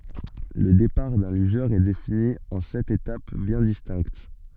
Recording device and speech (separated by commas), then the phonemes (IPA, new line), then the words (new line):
soft in-ear microphone, read sentence
lə depaʁ dœ̃ lyʒœʁ ɛ defini ɑ̃ sɛt etap bjɛ̃ distɛ̃kt
Le départ d'un lugeur est défini en sept étapes bien distinctes.